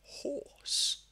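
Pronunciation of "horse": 'Horse' is said in a non-rhotic accent, so the r before the s is not pronounced.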